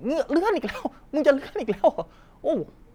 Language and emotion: Thai, happy